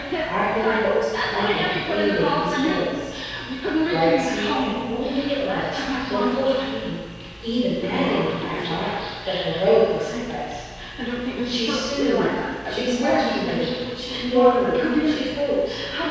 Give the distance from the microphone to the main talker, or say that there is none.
7.1 m.